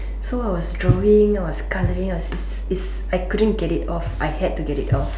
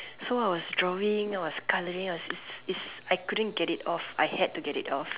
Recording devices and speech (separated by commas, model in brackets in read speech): standing microphone, telephone, conversation in separate rooms